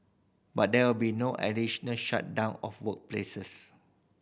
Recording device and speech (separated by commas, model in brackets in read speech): boundary microphone (BM630), read sentence